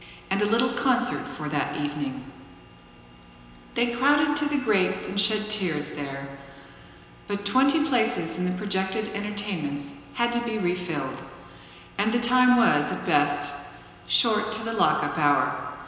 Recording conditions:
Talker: one person; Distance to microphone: 1.7 m; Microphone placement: close; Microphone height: 1.0 m; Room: very reverberant, large; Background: none

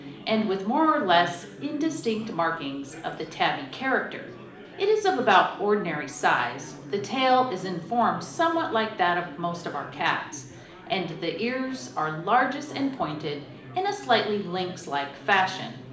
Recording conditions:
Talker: one person; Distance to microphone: 2.0 m; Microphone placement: close; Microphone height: 99 cm; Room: medium-sized (5.7 m by 4.0 m); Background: babble

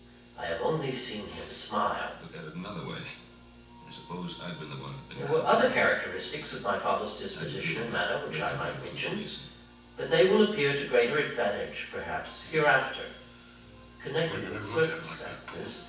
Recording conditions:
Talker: one person; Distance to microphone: 9.8 m; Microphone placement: far; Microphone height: 1.8 m; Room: large; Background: television

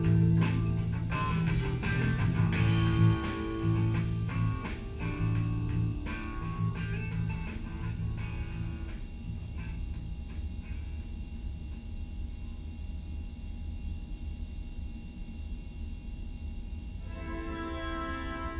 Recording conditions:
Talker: no one; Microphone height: 1.8 m; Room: large; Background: music

